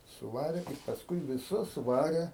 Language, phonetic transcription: Lithuanian, suˈvarė i pasˈkui viˈsus ˈvarė

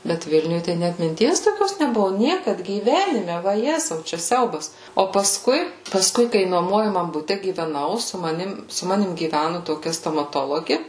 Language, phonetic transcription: Lithuanian, ˈbet ˈvilniuj tai ˈnæt minˈties toˈkios neˈbuvu ˈniekad gyˈvenime vaˈjezau čia ˈsiaubas o paˈskui paˈskui kai nuoˈmuojamam buˈte gyveˈnau su maˈnim su ˈmanim gyˈvænu toˈkia stomaˈtologi

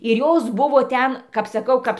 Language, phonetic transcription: Lithuanian, ir ˈjos ˈbuvo ˈten kap saˈkau ˈkaps

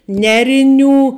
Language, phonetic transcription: Lithuanian, ˈneriˌnių

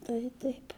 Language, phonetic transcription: Lithuanian, tai ˈtaip

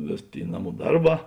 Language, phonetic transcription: Lithuanian, ˈvės ˈtėi ˈnaˌmų ˈdarˌbā

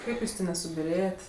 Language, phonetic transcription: Lithuanian, ˈkaip ˈjūs ˈtė nesubiˈrėjet'

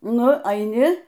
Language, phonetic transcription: Lithuanian, ˈnu aiˈni

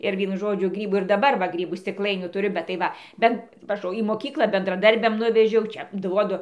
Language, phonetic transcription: Lithuanian, ir ˈvienu ˈžodžiu ˈgrybų ir daˈbar va ˈgrybų stikˈlainių tuˈriu bet tai ˈva ˈben vaˈžoju į moˈkykla bendraˈdarbiam ˈnuvežiau ˈčia ˈduodu

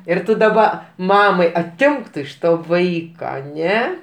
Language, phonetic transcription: Lithuanian, ir ˈtu daˈba ˈmamai aˈtimk iš to ˈvaika aˈne

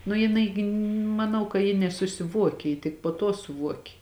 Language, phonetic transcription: Lithuanian, nu jiˈnai gi maˈnau ka ji nesusiˈvuokė ji tik po tuo suˈvuokė

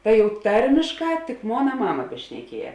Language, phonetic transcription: Lithuanian, tai jau ˈtarmišˌkā tik ˈmona ˈmama bešneˈkieje

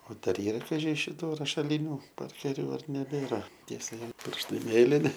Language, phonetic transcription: Lithuanian, o ˈdar ˈyra kaˈži šiˈtų rašaˈlyniu ˈparkeriu ar neˈbėra ˈtie saˈvi ˈpirštai ˈmėlini

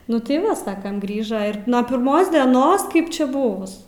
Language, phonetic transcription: Lithuanian, ˈnu tai ˈva ˈsakam ˈgrįža ir nuo pirˈmos deˈnos kaip ˈčia ˈbuvus

